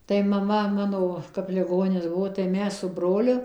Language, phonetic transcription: Lithuanian, tai maˈma ˈmano kap liˈgonis ˈbuo tai ˈmes su ˈbroliu

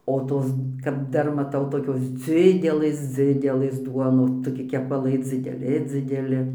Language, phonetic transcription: Lithuanian, o ˈtos kap ˈdar maˈtau toˈkios ˈdzidelɘs ˈdzidelɘs ˈduonos toˈki kepaˈlai dzideˈli dzideˈli

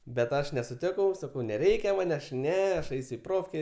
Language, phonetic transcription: Lithuanian, bet ˈaš nesuˈtikau saˈkau neˈreikia ˈman aš ˈne aš ˈeis' i ˈprofkė

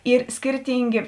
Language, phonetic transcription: Lithuanian, ˈyr ˈskirtyngė

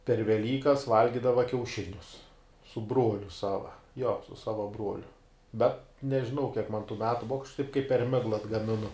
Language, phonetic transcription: Lithuanian, per veˈlykas ˈvalgidava kiauˈšinius su ˈbruoliu ˈsava jo su ˈsava ˈbruoliu ˈbet nežiˈnau kiek man tų ˈmetu ˈbuva aš taip kaip per ˈmegla atgamiˈnu

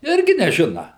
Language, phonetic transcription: Lithuanian, ˈirgi neˈžina

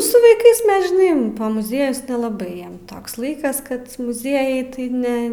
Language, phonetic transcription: Lithuanian, su vaiˈkais ˈmes žiˈnai pa muˈziejus nelaˈbai ˈjiem ˈtoks ˈlaikas ˈkad muˈziejai tai ˈne

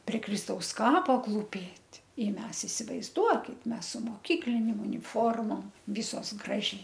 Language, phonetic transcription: Lithuanian, pre ˈkristaus ˈkapo klūˈpėt' i ˈmes isivaizˈduokit ˈmes su moˈkyklinėm uniˈformom ˈvisos ˈgražiai

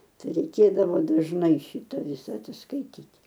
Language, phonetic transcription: Lithuanian, ˈtai reiˈkėdavo dažˈnai ˈšyta ˈvisa atsiskaiˈtyt'

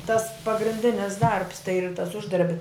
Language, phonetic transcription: Lithuanian, tas pagrinˈdinis darbs tai ir tas ˈuždarbi

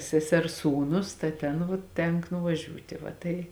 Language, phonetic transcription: Lithuanian, seˈsers ˈsūˌnus ta ˈtėn vuo ˈtenk nuvaˈžiūtė va ˈtai

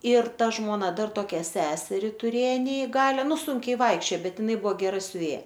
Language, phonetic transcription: Lithuanian, ir ˈta žmoˈna ˈdar toˈkia ˈseseri tuˈrė neiˈgalia ˈnu ˈsunkiai ˈvaikščio ˈbet iˈnai ˈbuo geˈra siuˈvėja

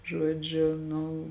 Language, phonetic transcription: Lithuanian, ˈžuodžiu ˈnu

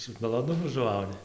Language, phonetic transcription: Lithuanian, su maloˈnumu žuˈvauni

